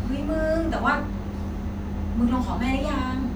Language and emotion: Thai, neutral